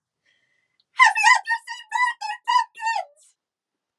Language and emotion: English, happy